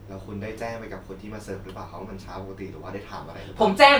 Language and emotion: Thai, neutral